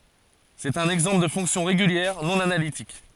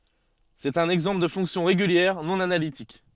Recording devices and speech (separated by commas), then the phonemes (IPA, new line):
forehead accelerometer, soft in-ear microphone, read sentence
sɛt œ̃n ɛɡzɑ̃pl də fɔ̃ksjɔ̃ ʁeɡyljɛʁ nɔ̃ analitik